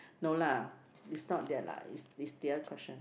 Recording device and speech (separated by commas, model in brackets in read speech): boundary microphone, conversation in the same room